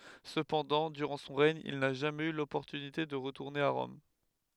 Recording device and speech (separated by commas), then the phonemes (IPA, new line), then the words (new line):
headset microphone, read sentence
səpɑ̃dɑ̃ dyʁɑ̃ sɔ̃ ʁɛɲ il na ʒamɛz y lɔpɔʁtynite də ʁətuʁne a ʁɔm
Cependant, durant son règne, il n'a jamais eu l'opportunité de retourner à Rome.